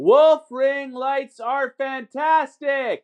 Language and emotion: English, neutral